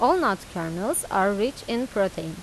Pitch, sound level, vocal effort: 195 Hz, 89 dB SPL, normal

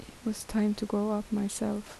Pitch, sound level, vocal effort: 210 Hz, 74 dB SPL, soft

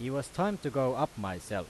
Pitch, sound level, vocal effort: 135 Hz, 92 dB SPL, loud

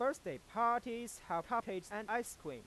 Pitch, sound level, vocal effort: 235 Hz, 98 dB SPL, normal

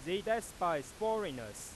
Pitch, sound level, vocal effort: 210 Hz, 99 dB SPL, very loud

